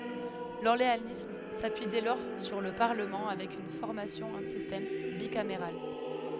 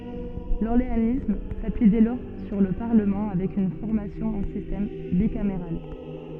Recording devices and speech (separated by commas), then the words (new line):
headset microphone, soft in-ear microphone, read sentence
L’orléanisme s’appuie dès lors sur le Parlement avec une formation en système bicaméral.